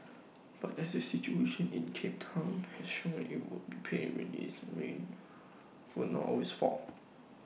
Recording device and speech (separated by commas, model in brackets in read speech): mobile phone (iPhone 6), read sentence